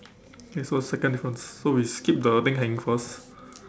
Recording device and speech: standing microphone, conversation in separate rooms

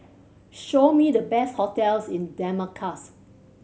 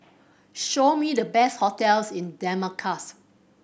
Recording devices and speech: mobile phone (Samsung C7100), boundary microphone (BM630), read sentence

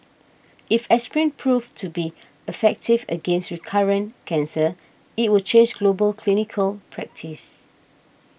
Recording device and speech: boundary microphone (BM630), read sentence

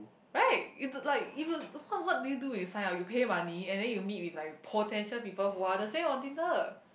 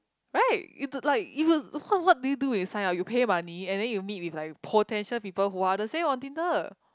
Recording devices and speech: boundary microphone, close-talking microphone, conversation in the same room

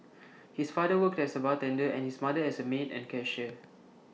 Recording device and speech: mobile phone (iPhone 6), read sentence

